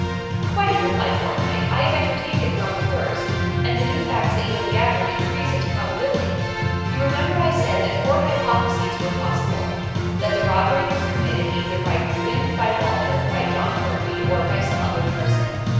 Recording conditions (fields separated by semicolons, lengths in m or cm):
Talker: one person; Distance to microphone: 7.1 m; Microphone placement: far; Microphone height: 1.7 m; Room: very reverberant, large; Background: music